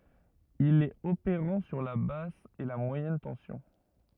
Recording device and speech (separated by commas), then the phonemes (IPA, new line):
rigid in-ear microphone, read sentence
il ɛt opeʁɑ̃ syʁ la bas e mwajɛn tɑ̃sjɔ̃